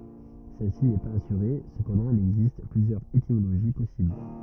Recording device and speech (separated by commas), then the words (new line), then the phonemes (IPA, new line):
rigid in-ear microphone, read sentence
Celle-ci n'est pas assurée, cependant il existe plusieurs étymologies possibles.
sɛlsi nɛ paz asyʁe səpɑ̃dɑ̃ il ɛɡzist plyzjœʁz etimoloʒi pɔsibl